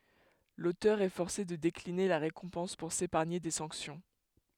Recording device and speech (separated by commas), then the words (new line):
headset microphone, read sentence
L'auteur est forcé de décliner la récompense pour s'épargner des sanctions.